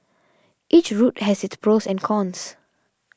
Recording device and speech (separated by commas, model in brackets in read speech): standing microphone (AKG C214), read sentence